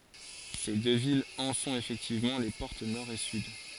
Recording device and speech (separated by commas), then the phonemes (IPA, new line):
forehead accelerometer, read sentence
se dø vilz ɑ̃ sɔ̃t efɛktivmɑ̃ le pɔʁt nɔʁ e syd